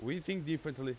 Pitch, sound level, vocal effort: 160 Hz, 91 dB SPL, very loud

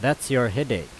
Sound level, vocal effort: 89 dB SPL, loud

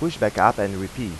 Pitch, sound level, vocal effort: 100 Hz, 90 dB SPL, normal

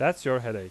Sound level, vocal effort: 90 dB SPL, loud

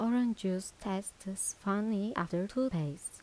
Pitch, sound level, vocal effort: 195 Hz, 80 dB SPL, soft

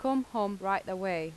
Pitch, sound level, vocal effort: 195 Hz, 86 dB SPL, normal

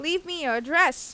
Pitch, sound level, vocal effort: 315 Hz, 94 dB SPL, loud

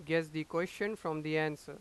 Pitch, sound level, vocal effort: 160 Hz, 94 dB SPL, loud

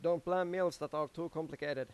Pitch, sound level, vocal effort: 165 Hz, 94 dB SPL, loud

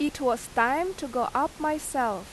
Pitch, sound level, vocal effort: 285 Hz, 88 dB SPL, loud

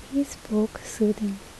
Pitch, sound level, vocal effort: 215 Hz, 71 dB SPL, soft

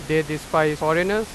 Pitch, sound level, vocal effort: 155 Hz, 97 dB SPL, very loud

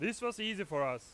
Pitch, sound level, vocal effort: 200 Hz, 99 dB SPL, very loud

